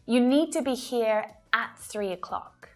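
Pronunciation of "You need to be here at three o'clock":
The word 'at' is stressed and said with a strong 'a' vowel sound, giving it emphasis.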